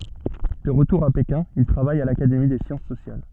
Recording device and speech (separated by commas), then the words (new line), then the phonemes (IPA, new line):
soft in-ear microphone, read sentence
De retour à Pékin, il travaille à l'Académie des Sciences sociales.
də ʁətuʁ a pekɛ̃ il tʁavaj a lakademi de sjɑ̃s sosjal